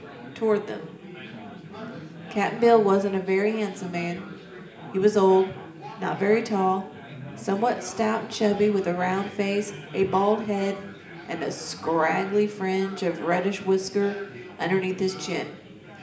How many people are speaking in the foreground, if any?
One person.